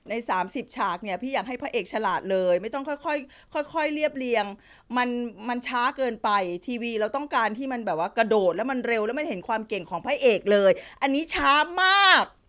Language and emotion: Thai, frustrated